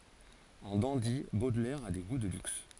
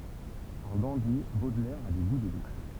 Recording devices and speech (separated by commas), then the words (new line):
forehead accelerometer, temple vibration pickup, read sentence
En dandy, Baudelaire a des goûts de luxe.